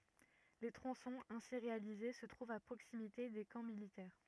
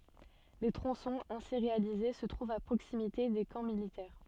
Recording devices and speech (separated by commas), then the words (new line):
rigid in-ear microphone, soft in-ear microphone, read sentence
Les tronçons ainsi réalisés se trouvent à proximité des camps militaires.